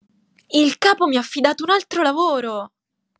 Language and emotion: Italian, angry